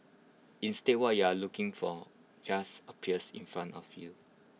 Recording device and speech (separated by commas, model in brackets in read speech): mobile phone (iPhone 6), read sentence